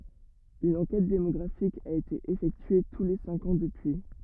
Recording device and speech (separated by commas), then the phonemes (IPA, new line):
rigid in-ear microphone, read sentence
yn ɑ̃kɛt demɔɡʁafik a ete efɛktye tu le sɛ̃k ɑ̃ dəpyi